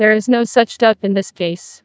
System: TTS, neural waveform model